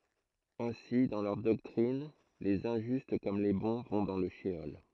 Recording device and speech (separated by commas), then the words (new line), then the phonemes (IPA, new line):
throat microphone, read sentence
Ainsi, dans leur doctrine, les injustes comme les bons vont dans le sheol.
ɛ̃si dɑ̃ lœʁ dɔktʁin lez ɛ̃ʒyst kɔm le bɔ̃ vɔ̃ dɑ̃ lə ʃəɔl